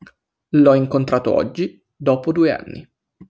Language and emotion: Italian, neutral